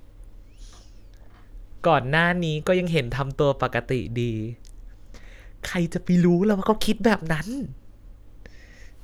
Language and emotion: Thai, happy